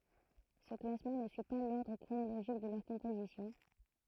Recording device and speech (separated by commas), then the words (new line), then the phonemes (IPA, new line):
throat microphone, read sentence
Ce classement ne suit pas l'ordre chronologique de leur composition.
sə klasmɑ̃ nə syi pa lɔʁdʁ kʁonoloʒik də lœʁ kɔ̃pozisjɔ̃